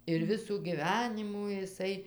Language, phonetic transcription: Lithuanian, ir ˈvisų gyˈvenimų iˈsai

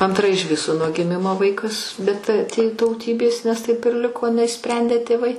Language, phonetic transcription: Lithuanian, anˈtra iž ˈviso nuo giˈmimo ˈvaikas bet tė tauˈtybės nes taip ir ˈliko neišˈsprendė tėˈvai

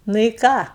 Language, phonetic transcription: Lithuanian, ˈnu i ˈką

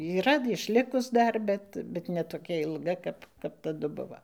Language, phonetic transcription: Lithuanian, yˈra išˈlikus ˈdar ˈbet bet ne toˈkia ilˈga kap kap taˈdu ˈbuvo

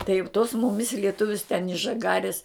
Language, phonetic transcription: Lithuanian, tai jau tos ˈmumis lieˈtuvius ten iš žaˈgaris

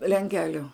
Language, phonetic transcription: Lithuanian, lenˈkeliu

